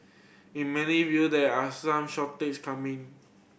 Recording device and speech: boundary microphone (BM630), read sentence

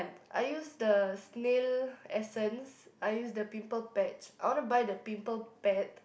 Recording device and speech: boundary microphone, conversation in the same room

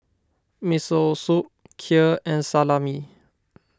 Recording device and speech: standing microphone (AKG C214), read sentence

